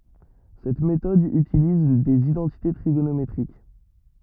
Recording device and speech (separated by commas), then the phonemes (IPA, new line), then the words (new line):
rigid in-ear microphone, read sentence
sɛt metɔd ytiliz dez idɑ̃tite tʁiɡonometʁik
Cette méthode utilise des identités trigonométriques.